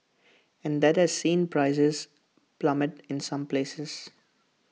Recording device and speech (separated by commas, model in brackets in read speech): mobile phone (iPhone 6), read sentence